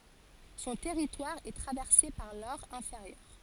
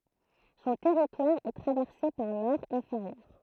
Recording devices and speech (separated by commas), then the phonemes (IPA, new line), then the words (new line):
forehead accelerometer, throat microphone, read sentence
sɔ̃ tɛʁitwaʁ ɛ tʁavɛʁse paʁ lɔʁ ɛ̃feʁjœʁ
Son territoire est traversé par l'Aure inférieure.